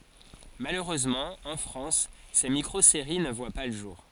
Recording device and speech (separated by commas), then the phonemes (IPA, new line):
forehead accelerometer, read sentence
maløʁøzmɑ̃ ɑ̃ fʁɑ̃s se mikʁozeʁi nə vwa pa lə ʒuʁ